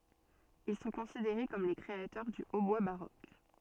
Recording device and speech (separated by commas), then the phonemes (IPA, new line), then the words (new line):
soft in-ear microphone, read sentence
il sɔ̃ kɔ̃sideʁe kɔm le kʁeatœʁ dy otbwa baʁok
Ils sont considérés comme les créateurs du hautbois baroque.